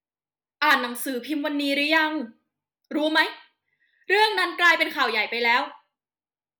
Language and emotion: Thai, angry